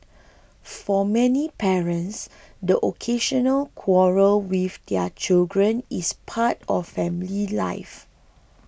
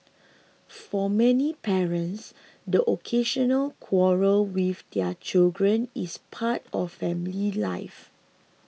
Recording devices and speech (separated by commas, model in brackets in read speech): boundary microphone (BM630), mobile phone (iPhone 6), read sentence